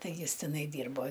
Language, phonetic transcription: Lithuanian, ˈtai ˈjis teˈnai ˈdyrbo

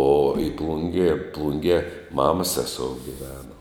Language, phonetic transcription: Lithuanian, o i ˈplungė ˈplungie ˈmamas ˈsesou giˈveno

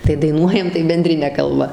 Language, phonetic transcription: Lithuanian, tai daiˈnuojam tai benˈdrine kalˈba

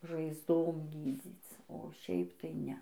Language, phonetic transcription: Lithuanian, žaizˈdom ˈgydzyc o ˈšiaip tai ˈne

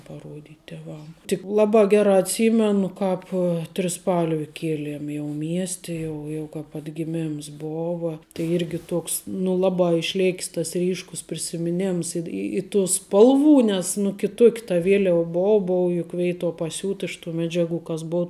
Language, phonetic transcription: Lithuanian, paˈruodyt' teˈvam tik ˈlabā ˈgerā atˈsymenu ˈkāp triˈspalvi ˈkieliem jau ˈmieste ˈjau jau kap atgiˈmems ˈbova tai ˈirgi ˈtoks nu ˈlabā išˈlėk's tas ˈryškus prisimiˈnems i i tų ˈspalˌvų nes nu kiˈtuok' ta ˈvieliava ˈbou ˈbou juk ˈveituo paˈsiūt iš tų ˈmedžiaˌgų kas ˈbou

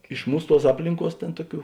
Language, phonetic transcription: Lithuanian, iš ˈmūs ˈtuos ˈaplinˌkuos ˈtėn ˈtuoˌkių

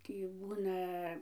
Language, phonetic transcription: Lithuanian, ˈtį ˈbūna

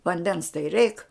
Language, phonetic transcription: Lithuanian, vanˈdens tai reik

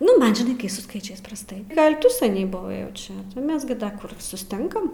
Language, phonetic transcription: Lithuanian, ˈnu ˈman žiˈnai kai su ˈskaičiais prasˈtai ˈgal' ˈtu saˈniai buˈvai jau ˈčia ˈmes gi ˈda ˈkur susˈtinkam

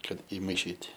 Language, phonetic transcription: Lithuanian, ˈkad imaiˈšyt'

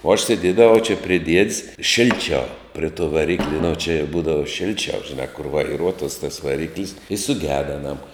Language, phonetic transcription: Lithuanian, o aš sėˈdiedavau čia pri ˈdied's ˈšilˌčiau pri tuo vaˈrikli nu či ˈbūdava ˈšilčiau žiˈnā kur vaiˈruotuos tas vaˈriklis i suˈgeda aˈnam

